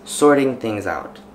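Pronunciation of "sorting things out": In 'sorting things out', the words are linked and flow together.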